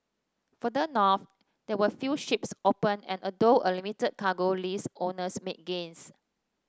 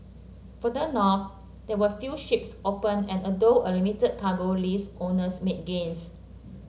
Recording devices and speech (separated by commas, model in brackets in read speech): standing microphone (AKG C214), mobile phone (Samsung C7), read sentence